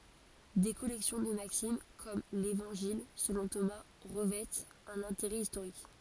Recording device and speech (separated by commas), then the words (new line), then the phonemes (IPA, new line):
forehead accelerometer, read sentence
Des collections de maximes, comme l'Évangile selon Thomas, revêtent un intérêt historique.
de kɔlɛksjɔ̃ də maksim kɔm levɑ̃ʒil səlɔ̃ toma ʁəvɛtt œ̃n ɛ̃teʁɛ istoʁik